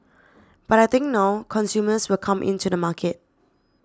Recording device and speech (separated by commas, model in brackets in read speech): standing microphone (AKG C214), read sentence